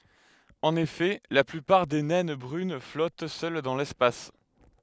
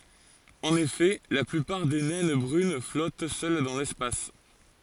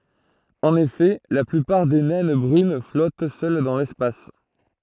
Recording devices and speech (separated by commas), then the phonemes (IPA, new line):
headset microphone, forehead accelerometer, throat microphone, read sentence
ɑ̃n efɛ la plypaʁ de nɛn bʁyn flɔt sœl dɑ̃ lɛspas